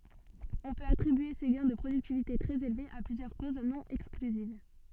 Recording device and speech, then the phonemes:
soft in-ear microphone, read sentence
ɔ̃ pøt atʁibye se ɡɛ̃ də pʁodyktivite tʁɛz elvez a plyzjœʁ koz nɔ̃ ɛksklyziv

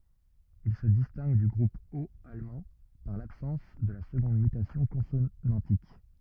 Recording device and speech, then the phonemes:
rigid in-ear microphone, read sentence
il sə distɛ̃ɡ dy ɡʁup ot almɑ̃ paʁ labsɑ̃s də la səɡɔ̃d mytasjɔ̃ kɔ̃sonɑ̃tik

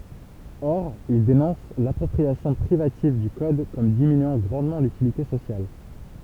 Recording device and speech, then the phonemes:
temple vibration pickup, read sentence
ɔʁ il denɔ̃s lapʁɔpʁiasjɔ̃ pʁivativ dy kɔd kɔm diminyɑ̃ ɡʁɑ̃dmɑ̃ lytilite sosjal

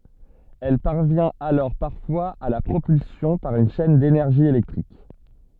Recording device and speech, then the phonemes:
soft in-ear microphone, read sentence
ɛl paʁvjɛ̃t alɔʁ paʁfwaz a la pʁopylsjɔ̃ paʁ yn ʃɛn denɛʁʒi elɛktʁik

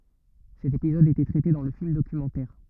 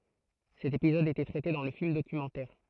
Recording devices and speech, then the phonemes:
rigid in-ear microphone, throat microphone, read sentence
sɛt epizɔd etɛ tʁɛte dɑ̃ lə film dokymɑ̃tɛʁ

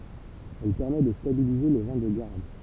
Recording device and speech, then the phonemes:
temple vibration pickup, read sentence
ɛl pɛʁmɛ də stabilize le vɛ̃ də ɡaʁd

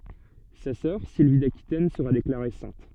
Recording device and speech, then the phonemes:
soft in-ear microphone, read sentence
sa sœʁ silvi dakitɛn səʁa deklaʁe sɛ̃t

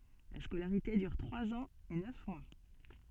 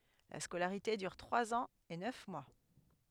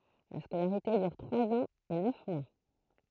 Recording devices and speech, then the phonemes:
soft in-ear microphone, headset microphone, throat microphone, read sentence
la skolaʁite dyʁ tʁwaz ɑ̃z e nœf mwa

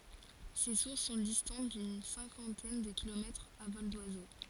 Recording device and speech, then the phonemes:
forehead accelerometer, read sentence
se suʁs sɔ̃ distɑ̃t dyn sɛ̃kɑ̃tɛn də kilomɛtʁz a vɔl dwazo

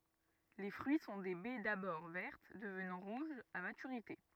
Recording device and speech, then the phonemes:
rigid in-ear microphone, read sentence
le fʁyi sɔ̃ de bɛ dabɔʁ vɛʁt dəvnɑ̃ ʁuʒz a matyʁite

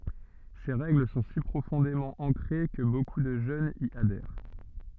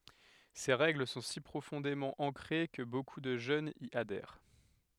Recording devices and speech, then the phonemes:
soft in-ear microphone, headset microphone, read sentence
se ʁɛɡl sɔ̃ si pʁofɔ̃demɑ̃ ɑ̃kʁe kə boku də ʒønz i adɛʁ

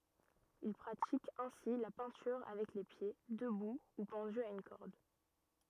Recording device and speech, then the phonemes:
rigid in-ear microphone, read sentence
il pʁatik ɛ̃si la pɛ̃tyʁ avɛk le pje dəbu u pɑ̃dy a yn kɔʁd

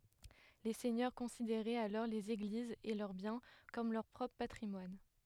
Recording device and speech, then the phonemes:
headset microphone, read sentence
le sɛɲœʁ kɔ̃sideʁɛt alɔʁ lez eɡlizz e lœʁ bjɛ̃ kɔm lœʁ pʁɔpʁ patʁimwan

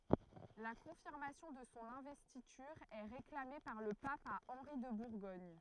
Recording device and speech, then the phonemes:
throat microphone, read sentence
la kɔ̃fiʁmasjɔ̃ də sɔ̃ ɛ̃vɛstityʁ ɛ ʁeklame paʁ lə pap a ɑ̃ʁi də buʁɡɔɲ

